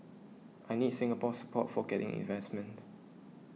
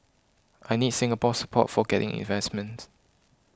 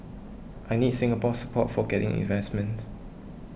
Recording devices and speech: mobile phone (iPhone 6), close-talking microphone (WH20), boundary microphone (BM630), read sentence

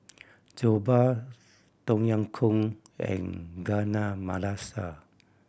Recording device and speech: boundary microphone (BM630), read sentence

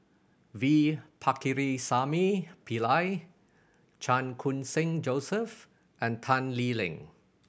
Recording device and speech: boundary microphone (BM630), read sentence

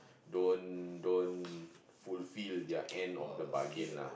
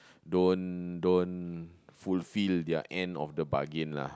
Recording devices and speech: boundary microphone, close-talking microphone, conversation in the same room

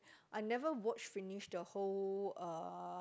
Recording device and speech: close-talking microphone, conversation in the same room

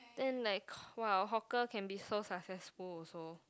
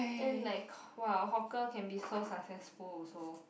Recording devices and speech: close-talking microphone, boundary microphone, conversation in the same room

